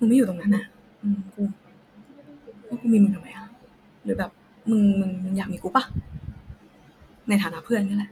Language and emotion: Thai, frustrated